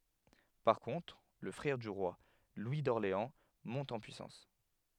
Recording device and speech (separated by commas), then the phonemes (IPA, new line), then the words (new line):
headset microphone, read sentence
paʁ kɔ̃tʁ lə fʁɛʁ dy ʁwa lwi dɔʁleɑ̃ mɔ̃t ɑ̃ pyisɑ̃s
Par contre, le frère du roi, Louis d'Orléans, monte en puissance.